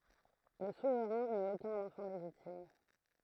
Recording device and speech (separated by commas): throat microphone, read sentence